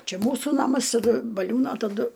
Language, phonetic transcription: Lithuanian, ˈčia ˈmūsų ˈnamas taˈdu baˈliūno taˈdu

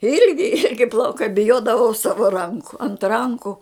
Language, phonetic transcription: Lithuanian, ˈilgi ˈilgi plauˈkai biˈjodavau ˈsava ˈranku ant ˈranku

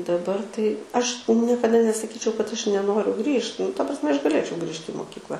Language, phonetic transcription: Lithuanian, daˈbar tai ˈaš niekaˈda nesaˈkyčiau kad ˈaš neˈnoriu ˈgrįžt nu ta prasˈme aš gaˈlėčiau ˈgrįžti i mokykˈla

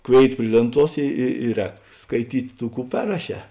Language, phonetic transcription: Lithuanian, ˈkvėit ˈpri lėnˌtuos i i i ˈrēk skaiˈtyt' ˈtų ˈkų ˈperraˌšē

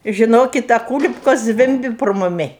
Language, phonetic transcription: Lithuanian, žiˈnokit a ˈkūlipkos ˈzvimbi pro muˈmi

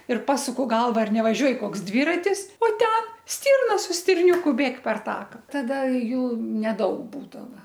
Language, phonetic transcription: Lithuanian, ir ˈpasuku ˈgalva ˈar nevaˈžiuoj ˈkoks ˈdvyratis o ˈten ˈstyrna su stirˈniūku ˈbėg per ˈtaka ˈtada ˈjų neˈdaug ˈbūdava

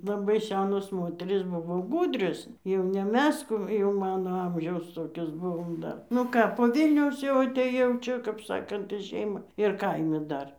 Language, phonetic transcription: Lithuanian, laˈbai ˈsenos ˈmoterys ˈbuvo ˈgūdrios jau ne ˈmes ˈkų jau ˈmano ˈamžiaus ˈtokios ˈbuvom ˈdar nu ˈką po ˈvilniaus jau atėˈjau ˈčia kap ˈsakant į ˈšeimą ir ˈkaime ˈdar

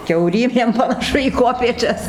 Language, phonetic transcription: Lithuanian, kiauˈrymėm panaˈšu į ˈkuopėčias

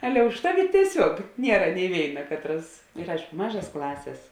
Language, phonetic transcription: Lithuanian, ˈale už ˈtaˌvi tieˈsiuog ˈniera ni ˈvėina ˈkatˌras ir ˈaišku ˈmažas ˈklasės

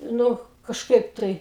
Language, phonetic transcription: Lithuanian, ˈnu kažˈkaip tai

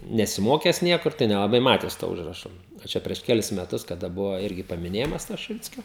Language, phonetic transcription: Lithuanian, nesiˈmokęs ˈniekur tai nelaˈbai ˈmatęs to ˈužrašo a ˈčia prieš ˈkelis meˈtus kaˈda ˈbuvo ˈirgi pamiˈnėjimas to šiˈvickio

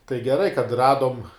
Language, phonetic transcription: Lithuanian, tai geˈrai kad ˈradom

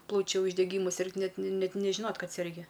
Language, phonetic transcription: Lithuanian, ˈplaučiu uždeˈgymu ˈsirgt ˈnet ˈnet nežiˈnot ˈkad serˈgi

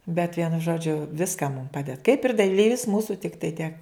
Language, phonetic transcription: Lithuanian, bet ˈvienu ˈžodžiu ˈviska mum ˈpaded kaip ir daˈlyvis ˈmūsu ˈtiktai tiek

